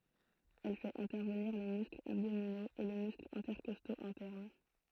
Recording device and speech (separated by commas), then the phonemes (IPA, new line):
throat microphone, read sentence
ɛl fɛt ɛ̃tɛʁvəniʁ le mysklz abdominoz e le mysklz ɛ̃tɛʁkɔstoz ɛ̃tɛʁn